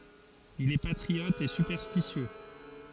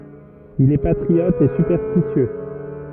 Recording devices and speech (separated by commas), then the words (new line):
forehead accelerometer, rigid in-ear microphone, read sentence
Il est patriote et superstitieux.